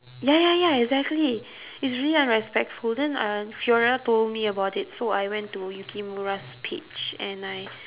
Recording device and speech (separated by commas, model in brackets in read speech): telephone, conversation in separate rooms